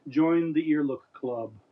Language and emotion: English, neutral